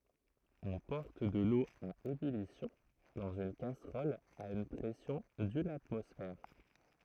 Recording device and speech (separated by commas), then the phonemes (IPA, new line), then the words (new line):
throat microphone, read sentence
ɔ̃ pɔʁt də lo a ebylisjɔ̃ dɑ̃z yn kasʁɔl a yn pʁɛsjɔ̃ dyn atmɔsfɛʁ
On porte de l'eau à ébullition dans une casserole à une pression d'une atmosphère.